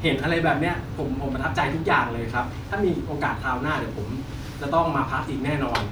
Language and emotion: Thai, happy